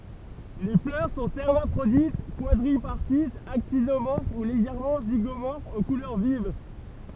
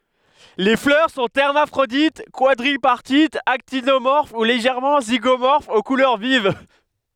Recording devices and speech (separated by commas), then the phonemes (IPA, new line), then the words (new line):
temple vibration pickup, headset microphone, read sentence
le flœʁ sɔ̃ ɛʁmafʁodit kwadʁipaʁtitz aktinomɔʁf u leʒɛʁmɑ̃ ziɡomɔʁfz o kulœʁ viv
Les fleurs sont hermaphrodites, quadripartites, actinomorphes ou légèrement zygomorphes, aux couleurs vives.